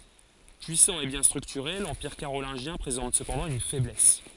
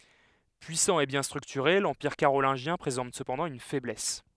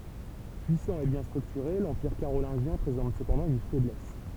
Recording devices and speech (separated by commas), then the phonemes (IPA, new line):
forehead accelerometer, headset microphone, temple vibration pickup, read sentence
pyisɑ̃ e bjɛ̃ stʁyktyʁe lɑ̃piʁ kaʁolɛ̃ʒjɛ̃ pʁezɑ̃t səpɑ̃dɑ̃ yn fɛblɛs